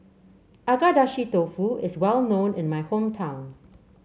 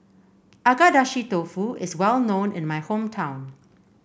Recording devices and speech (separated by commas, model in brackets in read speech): mobile phone (Samsung C7), boundary microphone (BM630), read sentence